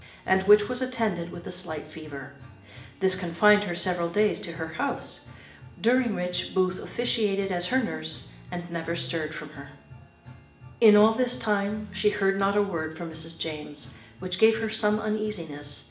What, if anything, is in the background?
Music.